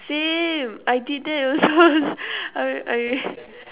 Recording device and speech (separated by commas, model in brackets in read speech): telephone, conversation in separate rooms